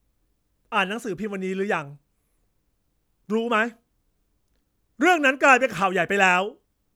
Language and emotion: Thai, angry